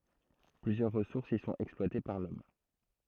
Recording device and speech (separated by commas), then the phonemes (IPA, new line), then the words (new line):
throat microphone, read sentence
plyzjœʁ ʁəsuʁsz i sɔ̃t ɛksplwate paʁ lɔm
Plusieurs ressources y sont exploitées par l'Homme.